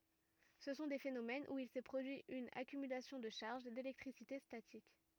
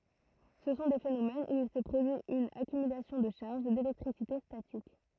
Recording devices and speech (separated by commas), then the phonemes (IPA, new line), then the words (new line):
rigid in-ear microphone, throat microphone, read sentence
sə sɔ̃ de fenomɛnz u il sɛ pʁodyi yn akymylasjɔ̃ də ʃaʁʒ delɛktʁisite statik
Ce sont des phénomènes où il s’est produit une accumulation de charges, d’électricité statique.